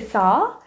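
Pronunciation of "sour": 'Sour' is pronounced incorrectly here.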